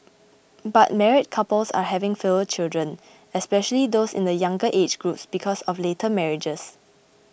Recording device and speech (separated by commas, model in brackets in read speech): boundary microphone (BM630), read sentence